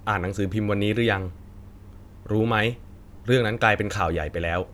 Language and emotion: Thai, neutral